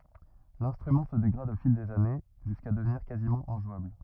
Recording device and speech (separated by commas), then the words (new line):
rigid in-ear microphone, read sentence
L'instrument se dégrade au fil des années, jusqu'à devenir quasiment injouable.